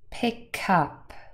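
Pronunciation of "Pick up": In 'pick up', the k at the end of 'pick' joins onto 'up', so 'up' sounds like 'cup'.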